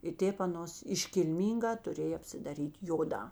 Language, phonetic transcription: Lithuanian, i ˈtėp aˈnos iškilˈmynˌgā tuˈrėj apsidaˈryt' ˈjoˌdā

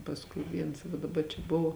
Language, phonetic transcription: Lithuanian, pasˈkui ˈviens daˈba čia ˈbuvo

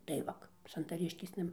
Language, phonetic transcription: Lithuanian, tai ˈvak santaˈriškėsna

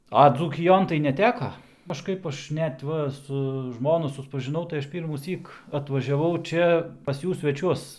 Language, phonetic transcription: Lithuanian, a dzūkiˈjon tai neˈteka kažˈkaip ˈaš ˈnet ˈva su ˈžmonu suspažiˈnau tai ˈaš ˌpyrmųˈsyk atvažiaˈvau ˈčia pas ˈjų sveˈčiuos

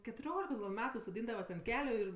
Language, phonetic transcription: Lithuanian, ketuˈriolikos gal' ˈmetu soˈdyndavas ant ˈkeliu ir

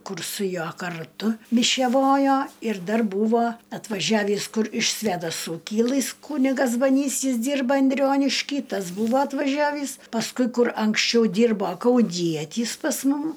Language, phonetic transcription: Lithuanian, ˈkur su ˈjuo karˈtu mišeˈvojo ir ˈdar ˈbūvo atvaˈžiavįs ˈkur iš svedaˈsų ˈkilɨs ˈkūnigas baˈnys ˈjis ˈdyrba anˈdrionišky ˈtas ˈbūvo atvaˈžiavįs pasˈkui ˈkur anksˈčiau ˈdyrbo kauˈnietys pas ˈmum

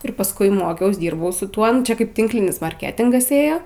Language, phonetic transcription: Lithuanian, ir pasˈkui ˈmokiaus ˈdyrbau su ˈtuo ˈnu čia ˈkaip ˈtinklinis marˈketingas ˈėjo

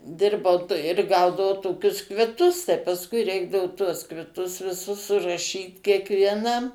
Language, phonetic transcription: Lithuanian, ˈdirbau ir ˈgaudavau ˈtokius kviˈtus tai pasˈkui ˈreikdavu tuos kviˈtus viˈsus suraˈšyt kiekvieˈnam

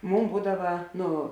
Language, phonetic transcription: Lithuanian, ˈmūm ˈbūdava ˈnu

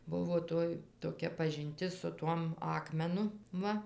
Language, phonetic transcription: Lithuanian, ˈbuvo ˈtoj toˈkia pažinˈtis su ˈtuom ˈakmenu ˈva

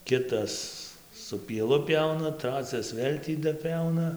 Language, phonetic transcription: Lithuanian, ˈkitas su pieˈlu ˈpiauna ˈtracias ˈvėl' tį daˈpiauna

